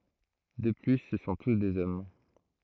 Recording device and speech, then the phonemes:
throat microphone, read sentence
də ply sə sɔ̃ tus dez ɔm

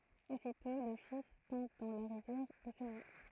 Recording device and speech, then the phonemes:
throat microphone, read sentence
ositɔ̃ lə fis tɔ̃b dɑ̃ la ʁivjɛʁ e sə nwa

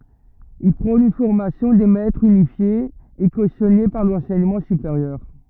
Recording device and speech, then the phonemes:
rigid in-ear microphone, read sentence
il pʁɔ̃n yn fɔʁmasjɔ̃ de mɛtʁz ynifje e kosjɔne paʁ lɑ̃sɛɲəmɑ̃ sypeʁjœʁ

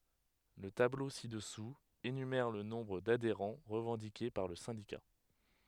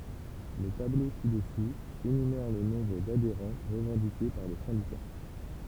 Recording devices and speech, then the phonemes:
headset microphone, temple vibration pickup, read sentence
lə tablo si dəsu enymɛʁ lə nɔ̃bʁ dadeʁɑ̃ ʁəvɑ̃dike paʁ lə sɛ̃dika

